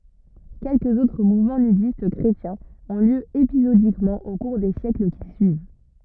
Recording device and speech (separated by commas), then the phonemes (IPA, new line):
rigid in-ear microphone, read sentence
kɛlkəz otʁ muvmɑ̃ nydist kʁetjɛ̃z ɔ̃ ljø epizodikmɑ̃ o kuʁ de sjɛkl ki syiv